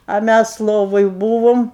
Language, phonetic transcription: Lithuanian, a ˈmæs ˈlovoj ˈbūvom

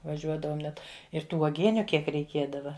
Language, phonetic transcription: Lithuanian, vaˈžiuodavom ˈnet ir ˈtų uoˈgieniu ˈkiek reiˈkiedava

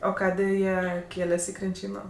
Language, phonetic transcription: Lithuanian, o ˈkadė ˈjie ˈkėles' i krinˈčyno

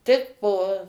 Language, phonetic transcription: Lithuanian, ˈtik po

